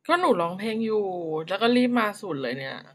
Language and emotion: Thai, frustrated